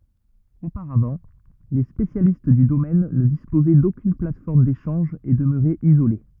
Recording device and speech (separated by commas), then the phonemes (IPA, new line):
rigid in-ear microphone, read sentence
opaʁavɑ̃ le spesjalist dy domɛn nə dispozɛ dokyn platfɔʁm deʃɑ̃ʒ e dəmøʁɛt izole